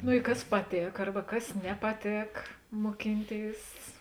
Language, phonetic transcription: Lithuanian, nu i ˈkas paˈtėk ˈarba ˈkas nepaˈtėk moˈkinˌtėis

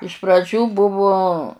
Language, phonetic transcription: Lithuanian, iš praˈdžių ˈbuvu

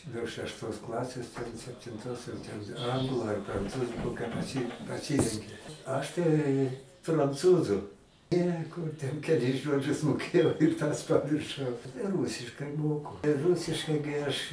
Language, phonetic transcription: Lithuanian, nuo šešˈtos ˈklasės ten septinˈtos jau ten ˈanglu ar pranˈcūzu ˈkokią paˈsy paˈsyrenki ˈaš tai pranˈcūzu ˈne ˈkur ten keˈlis ˈžodžius moˈkėjau ir tas pamirˈšau tai ˈrūsiškai ˈmoku ˈrusiškai gi aš

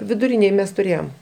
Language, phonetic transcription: Lithuanian, viduˈrinėj ˈmes tuˈrėjom

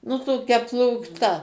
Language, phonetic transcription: Lithuanian, nu toˈkia plūkˈta

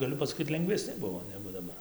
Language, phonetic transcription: Lithuanian, gaˈliu pasaˈkyt lengveˈsni ˈbuvo ˈnegu daˈbar

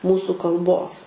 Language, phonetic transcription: Lithuanian, ˈmūsu kalˈbos

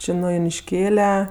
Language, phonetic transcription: Lithuanian, ˈči nu junišˈkėle

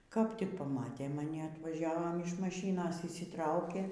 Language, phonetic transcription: Lithuanian, kap tik paˈmatė maˈni atvaˈžiavom iš maˈšynos išsiˈtraukė

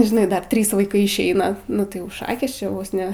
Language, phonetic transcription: Lithuanian, žiˈnai ˈdar ˈtrys vaiˈkai išˈeina nu tai ˈjau ˈšakės čia ˈvos ˈne

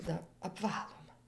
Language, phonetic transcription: Lithuanian, da apˈvaluma

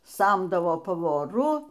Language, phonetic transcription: Lithuanian, ˈsamdavo pavoˈru

